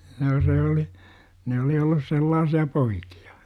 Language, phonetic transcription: Finnish, 'noo se oli , 'ne oli ollus "sellaasi₍a 'poikI₍A .
- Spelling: no se oli ne oli ollut sellaisia poikia

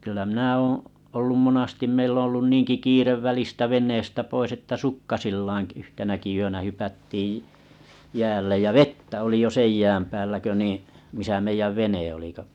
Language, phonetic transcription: Finnish, kyllä minä 'oo̰ , ollum 'monastim meill ‿oᵒ̰ ollun 'niiŋki 'kiirev välistä 'veǹeestä 'pois että "sukkasillaaa̰ 'yhtenäki yönä 'hypättiiʲ , 'jäällej jä "vettä oli jo 'sej jääm päällä kö niiḭ , misä 'meijäv 'vene oli kᵒ .
- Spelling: kyllä minä olen ollut monasti meillä on ollut niinkin kiire välistä veneestä pois että sukkasillaan yhtenäkin yönä hypättiin jäälle ja vettä oli jo sen jään päällä kun niin missä meidän vene oli kun

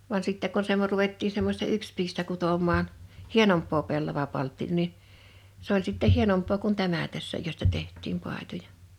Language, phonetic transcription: Finnish, van 'sittɛ ko sev̳ 'ruvettii semmośta 'ykspiistä 'kutom̀aan , "hienomppoo 'pellavapaltti(noo) ni , 's ‿oĺ sitteʰ 'hienomp̀oo kun "tämä 'tässä 'josta 'teht̆tiim 'pài̬toja .
- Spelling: vaan sitten kun sen ruvettiin semmoista yksipiistä kutomaan hienompaa pellavapalttinaa niin se oli sitten hienompaa kuin tämä tässä josta tehtiin paitoja

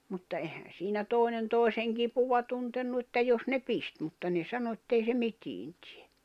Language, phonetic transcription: Finnish, mutta 'ehän̬ siinä 'tòi̬nen 'tòi̬seŋ 'kipuva tuntennu että 'jos ne "pist mutta ne 'sano ettei se 'mitiin tɪᴇ .
- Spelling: mutta eihän siinä toinen toisen kipua tuntenut että jos ne pisti mutta ne sanoi että ei se mitään tee

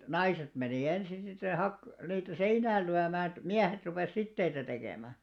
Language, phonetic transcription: Finnish, naiset menì 'ensin sit se 'hak- , niitä "seinääl lyämää (et) "miähet rupès 'sitteitä tekèmä .
- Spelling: naiset meni ensin sitten se - niitä seinään lyömään että miehet rupesi siteitä tekemään

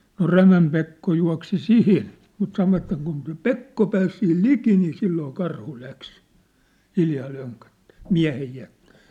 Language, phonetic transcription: Finnish, no "Rämäm Pekko jua̭ksi "sinin , mut sanovatᵗ ‿et kun se "Pekko pääs sihil "liki nii 'silloo 'karhu 'läks , hiljaa löŋköttᴀ̈ᴀ̈ , 'miä̭hej jä(ttɪ) .
- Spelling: no Rämän Pekko juoksi siihen mutta sanoivat että kun se Pekko pääsi siihen liki niin silloin karhu lähti hiljaa lönköttämään miehen jätti

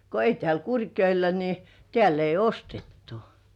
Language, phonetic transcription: Finnish, ko ei tĕä̀l 'Kurkjoḙ§lla ‿ni , 'tĕä̀l ‿ei "ostettᴜ .
- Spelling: kun ei täällä Kurkijoella niin täällä ei ostettu

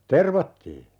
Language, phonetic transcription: Finnish, 'tervattii .
- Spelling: tervattiin

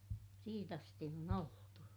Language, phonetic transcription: Finnish, siit ‿asti on ‿oltu .
- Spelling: siitä asti on oltu

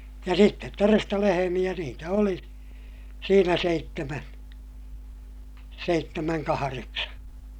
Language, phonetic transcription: Finnish, ja sittet toresta lehemiʲä niitä oli , siinä seittemän , seittemäŋ kahareksa .
- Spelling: ja sitten todesta lehmiä niitä oli siinä seitsemän seitsemän kahdeksan

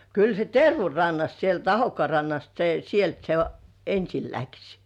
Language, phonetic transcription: Finnish, 'kyl se "Tervu 'rannast sielt 'Ahokkŏà rannast se 'sielt se "ensil läks .
- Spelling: kyllä se Tervun rannasta sieltä Ahokkaan rannasta se sieltä se ensin lähti

